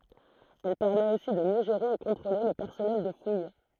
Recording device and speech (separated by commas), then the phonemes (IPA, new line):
throat microphone, read sentence
ɛl pɛʁmɛt osi də mjø ʒeʁe e kɔ̃tʁole lə pɛʁsɔnɛl də fuj